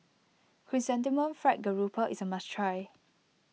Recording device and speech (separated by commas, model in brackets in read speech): mobile phone (iPhone 6), read sentence